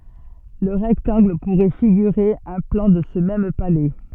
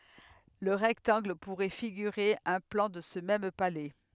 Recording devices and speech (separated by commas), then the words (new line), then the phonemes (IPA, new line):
soft in-ear microphone, headset microphone, read sentence
Le rectangle pourrait figurer un plan de ce même palais.
lə ʁɛktɑ̃ɡl puʁɛ fiɡyʁe œ̃ plɑ̃ də sə mɛm palɛ